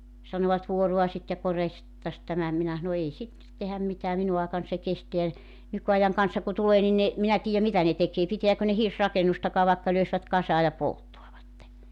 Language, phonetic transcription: Finnish, sanovat 'vuoruasit ja 'korjasit -tas 'tämä , 'minä s̬ano » 'ei sittet tehäm 'mitää 'minu aekan se 'kesteä « , 'nyky₍ajaŋ kansa ku 'tulee ni ne , 'minä 'tiijä 'mitä ne tekee 'pitiäkö ne "hirsrakenustakaa vaekka 'löisvät 'kasaa ja "polttoavatte .
- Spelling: sanoivat vuoraisit ja korjaisit - tämän minä sanoin ei sitten tehdä mitään minun aikana se kestää nykyajan kansa kun tulee niin ne minä tiedä mitä ne tekee pitääkö ne hirsirakennustakaan vaikka löisivät kasaan ja polttavat

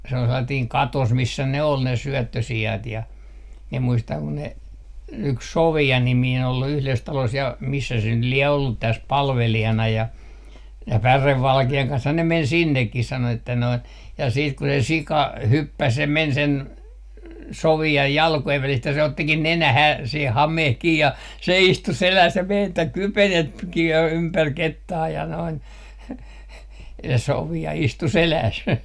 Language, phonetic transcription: Finnish, se ol sellatiiŋ "katos 'missä 'ne ol ne "syöttösi₍at ja , mie muistaŋ ku ne , yks "Sovi₍a 'nimiin ol 'yhles 'talos ja , 'missä se nyt lie ollut 'täs "palvelijana ja , ja "pärevvalke₍aŋ kanshan ne 'men 'sinnekkis 'sano että noin , ja 'siit ku 'se "sika , "hyppäs ja 'men 'sen , "Sovi₍aj "jalkojev 'välist ja se 'ottikin "nenähää , se "hameh 'kii ja , se 'istu "seläs ja me(n) että 'kypenetkii jo 'ympär "kettaa ja noin se 'Sovi₍a 'istu "selääs .
- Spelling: se oli sellainen katos missä ne oli ne syöttösiat ja minä muistan kun ne yksi Sofia niminen oli yhdessä talossa ja missä se nyt lie ollut tässä palvelijana ja ja pärevalkean kanssahan ne meni sinnekin sanoi että noin ja sitten kun se sika hyppäsi ja meni sen Sofian jalkojen välistä ja se ottikin nenään se hame kiinni ja se istui selässä ja meni että kypenetkin jo ympäri kettaa ja noin se Sofia istui selässä

